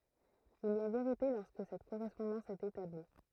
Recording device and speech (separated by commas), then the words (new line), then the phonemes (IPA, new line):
throat microphone, read sentence
Il y a vérité lorsque cette correspondance est établie.
il i a veʁite lɔʁskə sɛt koʁɛspɔ̃dɑ̃s ɛt etabli